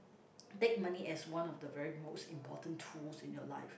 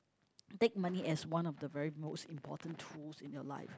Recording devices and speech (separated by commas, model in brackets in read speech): boundary microphone, close-talking microphone, conversation in the same room